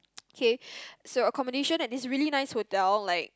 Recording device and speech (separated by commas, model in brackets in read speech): close-talking microphone, conversation in the same room